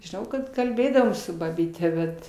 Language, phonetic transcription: Lithuanian, žiˈnau kad kalˈbėdavom su babyˈte ˈbet

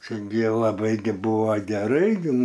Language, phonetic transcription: Lithuanian, ˈčia gi laˈbai gi ˈbuva geˈrai gi

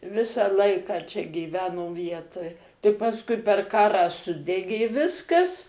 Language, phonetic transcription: Lithuanian, ˈvisą ˈlaiką ˈčia gyˈveno ˈvietoj tai pasˈkui per ˈkarą ˈsudegė ˈviskas

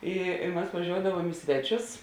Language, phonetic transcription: Lithuanian, ˈi i mas vaˈžioudavuom i ˈsveˌčius

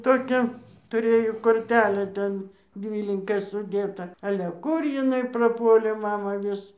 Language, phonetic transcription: Lithuanian, ˈtokią tuˈrėjo korˈtelę ˈten ˈdvylinka suˈdėta ˈale ˈkur jiˈnai praˈpuolė ˈmama ˈvis

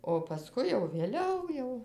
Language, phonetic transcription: Lithuanian, o paˈskui jau vėˈliau jau

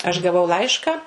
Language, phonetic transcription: Lithuanian, aš gaˈvau ˈlaišką

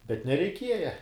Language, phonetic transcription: Lithuanian, bet nereiˈkieja

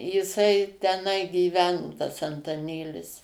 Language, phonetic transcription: Lithuanian, jiˈsai teˈnai gyˈveno tas antaˈnėlis

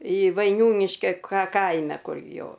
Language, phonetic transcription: Lithuanian, i vaiˈniūniškia ka ˈkaime ˈkur ˈjo

